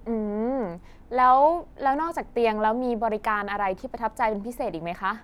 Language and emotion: Thai, neutral